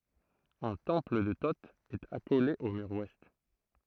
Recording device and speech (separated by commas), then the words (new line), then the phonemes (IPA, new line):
throat microphone, read sentence
Un temple de Thot est accolé au mur ouest.
œ̃ tɑ̃pl də to ɛt akole o myʁ wɛst